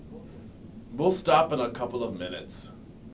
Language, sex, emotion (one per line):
English
male
disgusted